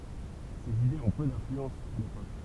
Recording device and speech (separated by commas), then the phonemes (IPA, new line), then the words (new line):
temple vibration pickup, read sentence
sez idez ɔ̃ pø dɛ̃flyɑ̃s a lepok
Ces idées ont peu d'influence à l'époque.